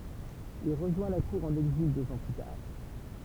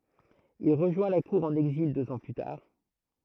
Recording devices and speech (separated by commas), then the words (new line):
temple vibration pickup, throat microphone, read sentence
Il rejoint la cour en exil deux ans plus tard.